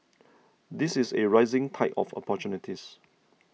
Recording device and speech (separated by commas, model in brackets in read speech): mobile phone (iPhone 6), read sentence